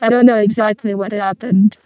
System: VC, vocoder